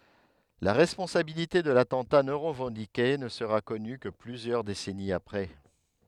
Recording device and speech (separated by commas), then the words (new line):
headset microphone, read sentence
La responsabilité de l'attentat non revendiqué ne sera connue que plusieurs décennies après.